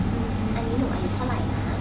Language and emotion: Thai, neutral